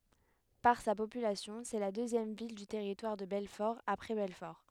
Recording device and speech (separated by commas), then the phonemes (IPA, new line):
headset microphone, read sentence
paʁ sa popylasjɔ̃ sɛ la døzjɛm vil dy tɛʁitwaʁ də bɛlfɔʁ apʁɛ bɛlfɔʁ